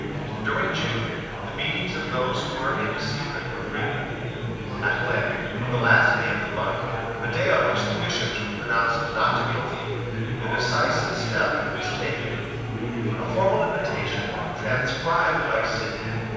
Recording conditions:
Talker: one person; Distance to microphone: 7.1 m; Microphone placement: far; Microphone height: 1.7 m; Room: very reverberant, large; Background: babble

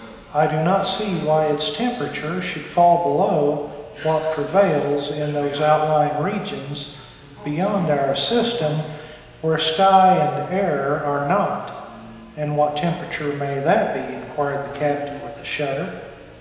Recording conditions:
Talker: one person; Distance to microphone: 1.7 m; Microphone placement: close; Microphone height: 1.0 m; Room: very reverberant, large; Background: television

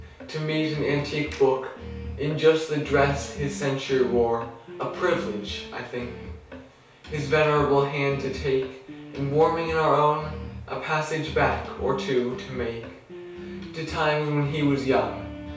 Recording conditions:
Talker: one person; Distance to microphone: 3.0 m; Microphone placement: far; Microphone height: 1.8 m; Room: small (3.7 m by 2.7 m); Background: music

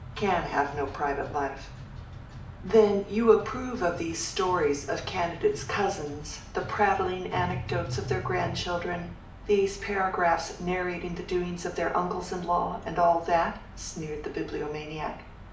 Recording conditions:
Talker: one person; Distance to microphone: 2.0 m; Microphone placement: close; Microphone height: 99 cm; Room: medium-sized (5.7 m by 4.0 m); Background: music

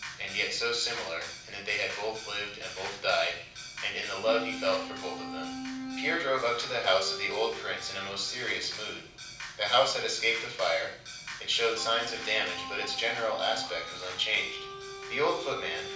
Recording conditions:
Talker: one person; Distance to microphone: 5.8 m; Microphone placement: far; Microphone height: 1.8 m; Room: medium-sized (5.7 m by 4.0 m); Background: music

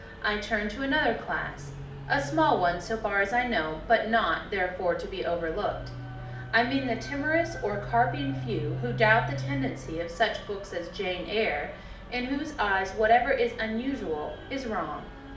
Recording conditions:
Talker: one person; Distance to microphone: 2.0 m; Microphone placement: close; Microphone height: 99 cm; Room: medium-sized (5.7 m by 4.0 m); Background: music

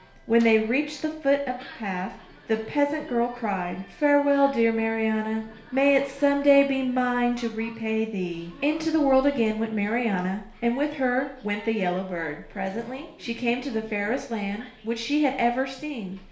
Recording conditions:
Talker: one person; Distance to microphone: 1.0 m; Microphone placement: close; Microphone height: 1.1 m; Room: small (3.7 m by 2.7 m); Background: television

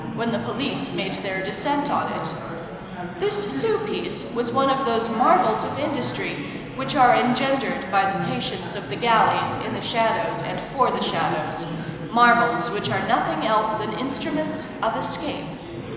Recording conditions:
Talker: one person; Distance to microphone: 1.7 m; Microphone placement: close; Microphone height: 1.0 m; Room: very reverberant, large; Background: babble

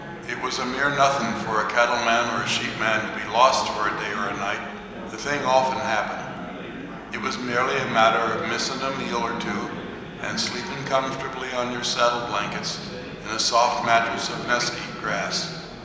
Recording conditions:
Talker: one person; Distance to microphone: 1.7 m; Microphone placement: close; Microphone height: 1.0 m; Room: very reverberant, large; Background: babble

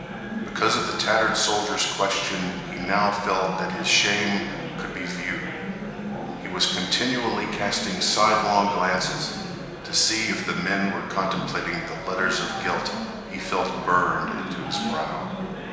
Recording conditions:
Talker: one person; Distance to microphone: 1.7 m; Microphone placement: close; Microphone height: 1.0 m; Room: very reverberant, large; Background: babble

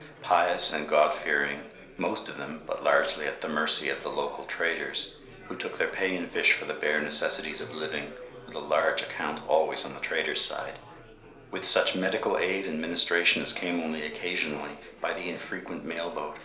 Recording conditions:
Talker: one person; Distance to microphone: 1.0 m; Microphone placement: close; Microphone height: 1.1 m; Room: small (3.7 m by 2.7 m); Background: babble

